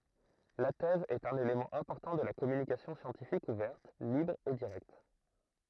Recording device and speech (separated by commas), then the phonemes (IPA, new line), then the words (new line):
throat microphone, read sentence
la tɛz ɛt œ̃n elemɑ̃ ɛ̃pɔʁtɑ̃ də la kɔmynikasjɔ̃ sjɑ̃tifik uvɛʁt libʁ e diʁɛkt
La thèse est un élément important de la communication scientifique ouverte, libre et directe.